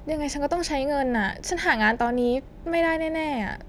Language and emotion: Thai, frustrated